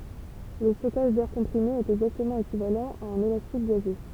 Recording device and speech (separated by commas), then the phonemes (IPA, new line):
temple vibration pickup, read sentence
lə stɔkaʒ dɛʁ kɔ̃pʁime ɛt ɛɡzaktəmɑ̃ ekivalɑ̃ a œ̃n elastik ɡazø